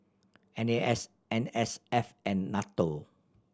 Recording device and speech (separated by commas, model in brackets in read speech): standing microphone (AKG C214), read sentence